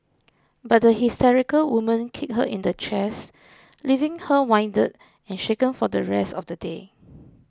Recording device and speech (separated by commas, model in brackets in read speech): close-talking microphone (WH20), read sentence